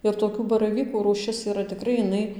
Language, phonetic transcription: Lithuanian, ir toˈkių baraˈvykų rūˈšis yˈra tiˈkrai iˈnai

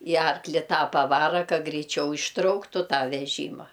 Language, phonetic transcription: Lithuanian, i ˈarkli ˈtą paˈvara ˈka greiˈčiau išˈtrauktu ˈtą veˈžyma

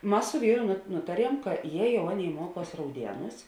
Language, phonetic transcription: Lithuanian, ˈmas su ˈvyru ˈnutaˌriem ka je ˈjau ˈaˌnėi ˈmuoˌkuos rauˈdienūs

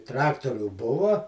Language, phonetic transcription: Lithuanian, ˈtraktoriu ˈbuva

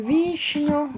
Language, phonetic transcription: Lithuanian, ˈvyšniu

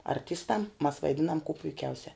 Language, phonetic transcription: Lithuanian, arˈtistam mas vaiˈdinam kū puiˈkiausia

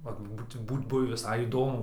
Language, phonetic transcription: Lithuanian, vat ˈbūt ˈbūt ˈbuvi viˈsai įˈdomu

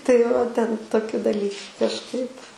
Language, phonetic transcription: Lithuanian, tai va ten toˈkiu daˈly kažˈkaip

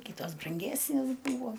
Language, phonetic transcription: Lithuanian, ˈkitos branˈgesnės ˈbūvo

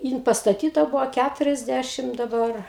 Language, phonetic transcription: Lithuanian, ˈjin pastaˈtyta ˈbuvo ˈkæturiasˌdæšim daˈbar

